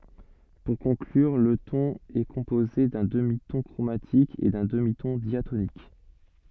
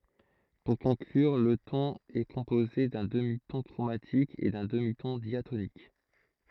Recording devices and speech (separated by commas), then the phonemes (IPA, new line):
soft in-ear microphone, throat microphone, read sentence
puʁ kɔ̃klyʁ lə tɔ̃n ɛ kɔ̃poze dœ̃ dəmitɔ̃ kʁomatik e dœ̃ dəmitɔ̃ djatonik